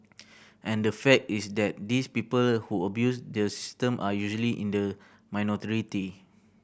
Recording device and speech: boundary microphone (BM630), read sentence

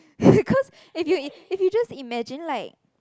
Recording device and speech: close-talking microphone, conversation in the same room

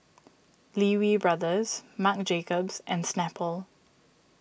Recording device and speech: boundary microphone (BM630), read sentence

